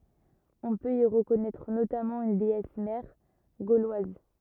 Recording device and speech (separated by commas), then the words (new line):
rigid in-ear microphone, read sentence
On peut y reconnaître notamment une déesse mère gauloise.